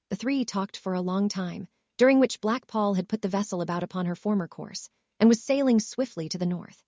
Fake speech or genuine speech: fake